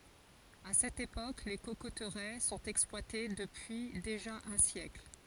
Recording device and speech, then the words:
forehead accelerometer, read sentence
À cette époque, les cocoteraies sont exploitées depuis déjà un siècle.

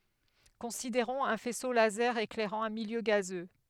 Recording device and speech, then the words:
headset microphone, read sentence
Considérons un faisceau laser éclairant un milieu gazeux.

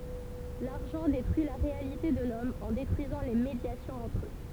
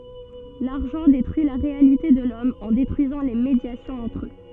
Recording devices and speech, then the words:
temple vibration pickup, soft in-ear microphone, read sentence
L'argent détruit la réalité de l'Homme en détruisant les médiations entre eux.

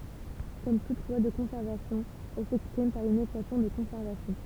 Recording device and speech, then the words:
temple vibration pickup, read sentence
Comme toute loi de conservation elle s'exprime par une équation de conservation.

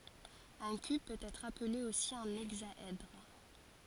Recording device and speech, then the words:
forehead accelerometer, read sentence
Un cube peut être appelé aussi un hexaèdre.

